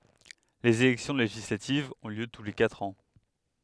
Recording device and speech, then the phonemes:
headset microphone, read sentence
lez elɛksjɔ̃ leʒislativz ɔ̃ ljø tu le katʁ ɑ̃

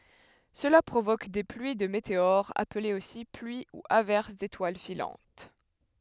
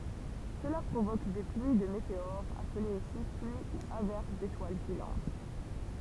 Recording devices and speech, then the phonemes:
headset microphone, temple vibration pickup, read sentence
səla pʁovok de plyi də meteoʁz aplez osi plyi u avɛʁs detwal filɑ̃t

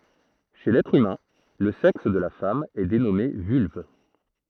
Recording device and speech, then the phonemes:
throat microphone, read sentence
ʃe lɛtʁ ymɛ̃ lə sɛks də la fam ɛ denɔme vylv

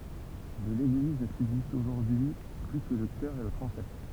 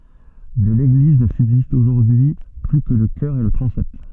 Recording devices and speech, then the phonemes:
temple vibration pickup, soft in-ear microphone, read sentence
də leɡliz nə sybzistt oʒuʁdyi y ply kə lə kœʁ e lə tʁɑ̃sɛt

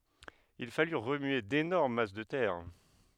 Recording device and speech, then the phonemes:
headset microphone, read sentence
il faly ʁəmye denɔʁm mas də tɛʁ

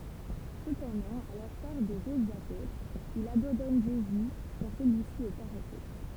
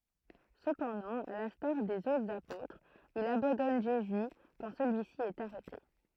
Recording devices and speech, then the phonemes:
temple vibration pickup, throat microphone, read sentence
səpɑ̃dɑ̃ a lɛ̃staʁ dez otʁz apotʁz il abɑ̃dɔn ʒezy kɑ̃ səlyisi ɛt aʁɛte

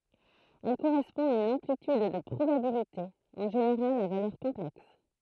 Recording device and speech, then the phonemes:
throat microphone, read sentence
ɛl koʁɛspɔ̃ a yn ɑ̃plityd də pʁobabilite ɑ̃ ʒeneʁal a valœʁ kɔ̃plɛks

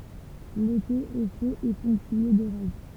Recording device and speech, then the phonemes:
temple vibration pickup, read sentence
lete ɛ ʃo e pɔ̃ktye doʁaʒ

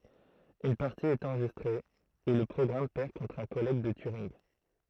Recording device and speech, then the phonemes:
throat microphone, read sentence
yn paʁti ɛt ɑ̃ʁʒistʁe u lə pʁɔɡʁam pɛʁ kɔ̃tʁ œ̃ kɔlɛɡ də tyʁinɡ

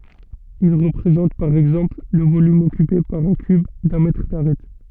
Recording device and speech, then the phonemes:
soft in-ear microphone, read sentence
il ʁəpʁezɑ̃t paʁ ɛɡzɑ̃pl lə volym ɔkype paʁ œ̃ kyb dœ̃ mɛtʁ daʁɛt

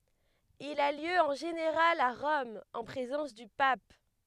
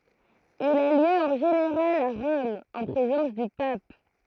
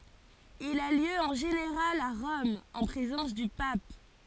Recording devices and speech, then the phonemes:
headset microphone, throat microphone, forehead accelerometer, read sentence
il a ljø ɑ̃ ʒeneʁal a ʁɔm ɑ̃ pʁezɑ̃s dy pap

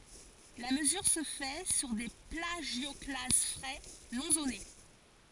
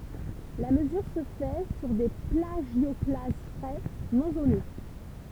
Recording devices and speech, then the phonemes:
forehead accelerometer, temple vibration pickup, read sentence
la məzyʁ sə fɛ syʁ de plaʒjɔklaz fʁɛ nɔ̃ zone

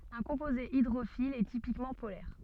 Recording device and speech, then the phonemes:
soft in-ear microphone, read sentence
œ̃ kɔ̃poze idʁofil ɛ tipikmɑ̃ polɛʁ

